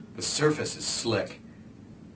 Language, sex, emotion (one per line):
English
male
neutral